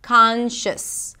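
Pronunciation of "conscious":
'Conscious' is said with a sh sound instead of a ch sound in the second syllable.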